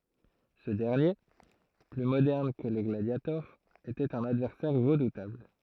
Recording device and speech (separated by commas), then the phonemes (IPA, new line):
throat microphone, read sentence
sə dɛʁnje ply modɛʁn kə lə ɡladjatɔʁ etɛt œ̃n advɛʁsɛʁ ʁədutabl